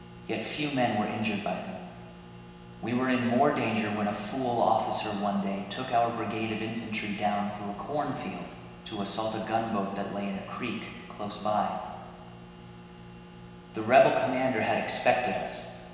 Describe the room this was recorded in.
A big, very reverberant room.